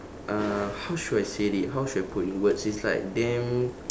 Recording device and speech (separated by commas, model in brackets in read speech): standing microphone, conversation in separate rooms